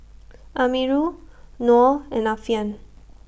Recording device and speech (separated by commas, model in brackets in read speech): boundary microphone (BM630), read sentence